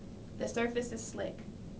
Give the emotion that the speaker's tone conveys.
neutral